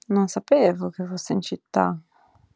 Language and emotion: Italian, surprised